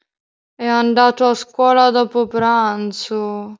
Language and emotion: Italian, sad